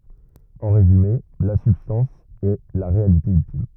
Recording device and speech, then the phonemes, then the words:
rigid in-ear microphone, read sentence
ɑ̃ ʁezyme la sybstɑ̃s ɛ la ʁealite yltim
En résumé, la substance est la réalité ultime.

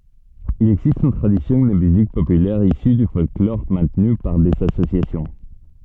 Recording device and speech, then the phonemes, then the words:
soft in-ear microphone, read sentence
il ɛɡzist yn tʁadisjɔ̃ də myzik popylɛʁ isy dy fɔlklɔʁ mɛ̃tny paʁ dez asosjasjɔ̃
Il existe une tradition de musique populaire issue du folklore maintenue par des associations.

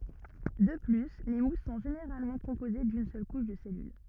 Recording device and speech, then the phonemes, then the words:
rigid in-ear microphone, read sentence
də ply le mus sɔ̃ ʒeneʁalmɑ̃ kɔ̃poze dyn sœl kuʃ də sɛlyl
De plus, les mousses sont généralement composées d'une seule couche de cellule.

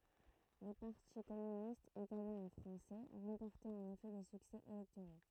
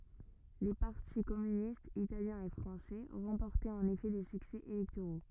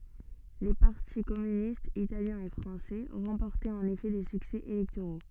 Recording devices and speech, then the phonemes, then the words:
throat microphone, rigid in-ear microphone, soft in-ear microphone, read sentence
le paʁti kɔmynistz italjɛ̃ e fʁɑ̃sɛ ʁɑ̃pɔʁtɛt ɑ̃n efɛ de syksɛ elɛktoʁo
Les partis communistes italien et français remportaient en effet des succès électoraux.

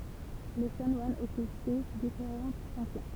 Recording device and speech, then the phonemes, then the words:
temple vibration pickup, read sentence
le ʃanwanz ɔkypɛ difeʁɑ̃t fɔ̃ksjɔ̃
Les chanoines occupaient différentes fonctions.

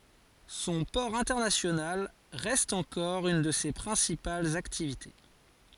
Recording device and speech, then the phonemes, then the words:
forehead accelerometer, read sentence
sɔ̃ pɔʁ ɛ̃tɛʁnasjonal ʁɛst ɑ̃kɔʁ yn də se pʁɛ̃sipalz aktivite
Son port international reste encore une de ses principales activités.

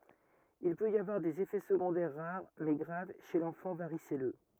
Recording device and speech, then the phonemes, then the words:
rigid in-ear microphone, read sentence
il pøt i avwaʁ dez efɛ səɡɔ̃dɛʁ ʁaʁ mɛ ɡʁav ʃe lɑ̃fɑ̃ vaʁisɛlø
Il peut y avoir des effets secondaires rares mais graves chez l'enfant varicelleux.

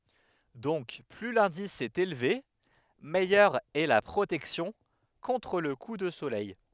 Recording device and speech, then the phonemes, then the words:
headset microphone, read sentence
dɔ̃k ply lɛ̃dis ɛt elve mɛjœʁ ɛ la pʁotɛksjɔ̃ kɔ̃tʁ lə ku də solɛj
Donc plus l'indice est élevé, meilleure est la protection, contre le coup de soleil.

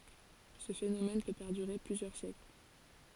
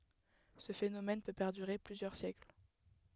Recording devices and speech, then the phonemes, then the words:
forehead accelerometer, headset microphone, read sentence
sə fenomɛn pø pɛʁdyʁe plyzjœʁ sjɛkl
Ce phénomène peut perdurer plusieurs siècles.

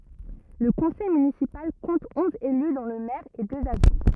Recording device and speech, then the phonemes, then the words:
rigid in-ear microphone, read sentence
lə kɔ̃sɛj mynisipal kɔ̃t ɔ̃z ely dɔ̃ lə mɛʁ e døz adʒwɛ̃
Le conseil municipal compte onze élus dont le maire et deux adjoints.

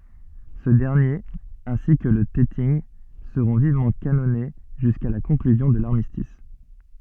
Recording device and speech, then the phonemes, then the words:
soft in-ear microphone, read sentence
sə dɛʁnjeʁ ɛ̃si kə lə tɛtinɡ səʁɔ̃ vivmɑ̃ kanɔne ʒyska la kɔ̃klyzjɔ̃ də laʁmistis
Ce dernier, ainsi que le Teting, seront vivement canonnés jusqu'à la conclusion de l'armistice.

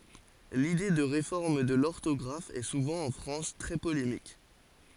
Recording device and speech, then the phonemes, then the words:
forehead accelerometer, read sentence
lide də ʁefɔʁm də lɔʁtɔɡʁaf ɛ suvɑ̃ ɑ̃ fʁɑ̃s tʁɛ polemik
L'idée de réforme de l'orthographe est souvent en France très polémique.

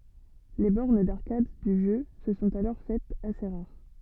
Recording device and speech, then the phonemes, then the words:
soft in-ear microphone, read sentence
le bɔʁn daʁkad dy ʒø sə sɔ̃t alɔʁ fɛtz ase ʁaʁ
Les bornes d'arcade du jeu se sont alors faites assez rares.

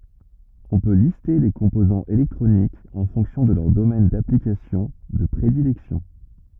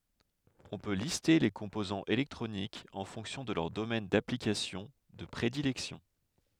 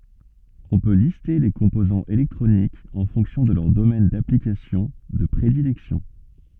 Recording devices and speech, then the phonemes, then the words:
rigid in-ear microphone, headset microphone, soft in-ear microphone, read sentence
ɔ̃ pø liste le kɔ̃pozɑ̃z elɛktʁonikz ɑ̃ fɔ̃ksjɔ̃ də lœʁ domɛn daplikasjɔ̃ də pʁedilɛksjɔ̃
On peut lister les composants électroniques en fonction de leur domaine d'application de prédilection.

